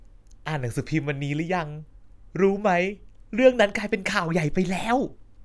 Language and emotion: Thai, happy